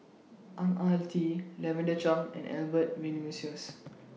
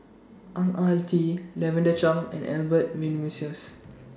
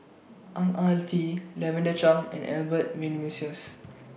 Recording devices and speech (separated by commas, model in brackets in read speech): mobile phone (iPhone 6), standing microphone (AKG C214), boundary microphone (BM630), read sentence